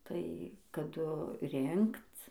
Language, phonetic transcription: Lithuanian, tai kaˈdu ˈrinkc

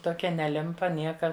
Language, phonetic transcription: Lithuanian, toˈkia neˈlimpa ˈnieka

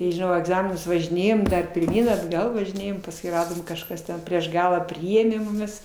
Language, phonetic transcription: Lithuanian, tai žiˈnau į agˈzaminus važiˈnėjom pirˈmyn atˈgal važiˈnėjom pasˈkui ˈradom kažˈkas ten prieš ˈgalą ˈpriėmė muˈmis

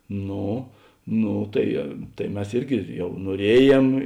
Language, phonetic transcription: Lithuanian, ˈno ˈno tai ˈtai ˈmes ˈirgi ˈjau nuoˈrieˌjėm

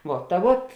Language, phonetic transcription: Lithuanian, ˈvuo ta ˈvuot

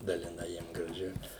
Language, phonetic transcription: Lithuanian, daliˈnai ˈjiem graˈži

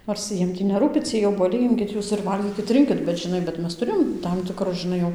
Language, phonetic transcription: Lithuanian, nors ˈjiem tį neˈrūpi ˈciej obuoˈliai ˈimkit ˈjūs ir ˈvalgykit ˈrinkit bet žiˈnai bet ˈmes tuˈrėjom ˈtam tikˈrus žiˈnai jau

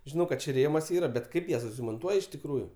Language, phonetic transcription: Lithuanian, žiˈnau kad ˈčiaˈ rėmas ˈyra bet ˈkaip jas monˈtuoj iš tikˈrųju

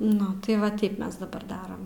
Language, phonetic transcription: Lithuanian, ˈnu tai ˈva ˈteip ˈmes daˈbar ˈdaram

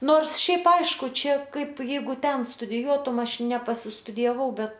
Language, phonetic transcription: Lithuanian, ˈnors ˈšiaip ˈaišku ˈčia ˈkaip ˈjeigu ˈten studiˈjuotum ˈaš nepasistudijaˈvau ˈbet

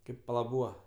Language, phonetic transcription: Lithuanian, ˈkaip paˈla ˈbūva

